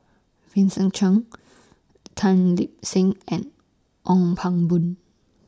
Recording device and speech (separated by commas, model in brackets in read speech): standing microphone (AKG C214), read sentence